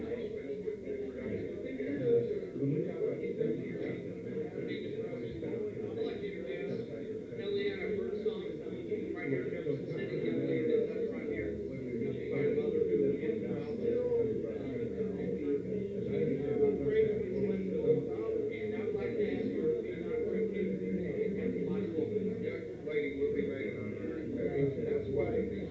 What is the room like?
A medium-sized room (about 5.7 m by 4.0 m).